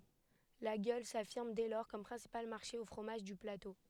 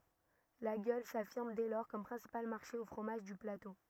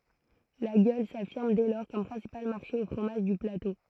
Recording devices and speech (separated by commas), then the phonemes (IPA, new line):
headset microphone, rigid in-ear microphone, throat microphone, read sentence
laɡjɔl safiʁm dɛ lɔʁ kɔm pʁɛ̃sipal maʁʃe o fʁomaʒ dy plato